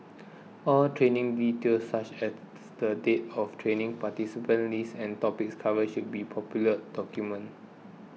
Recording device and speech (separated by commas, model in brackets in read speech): mobile phone (iPhone 6), read sentence